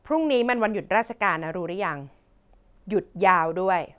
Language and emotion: Thai, frustrated